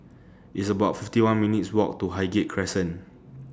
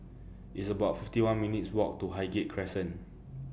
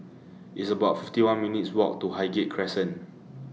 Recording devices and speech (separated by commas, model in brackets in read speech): standing microphone (AKG C214), boundary microphone (BM630), mobile phone (iPhone 6), read sentence